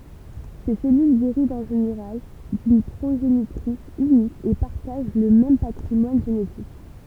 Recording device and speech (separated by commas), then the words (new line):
temple vibration pickup, read sentence
Ces cellules dérivent en général d'une progénitrice unique et partagent le même patrimoine génétique.